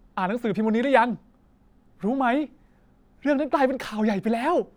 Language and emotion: Thai, happy